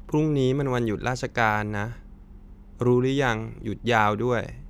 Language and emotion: Thai, sad